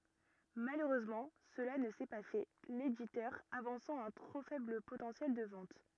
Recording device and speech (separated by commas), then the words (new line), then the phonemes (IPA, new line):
rigid in-ear microphone, read sentence
Malheureusement cela ne s'est pas fait, l'éditeur avançant un trop faible potentiel de ventes.
maløʁøzmɑ̃ səla nə sɛ pa fɛ leditœʁ avɑ̃sɑ̃ œ̃ tʁo fɛbl potɑ̃sjɛl də vɑ̃t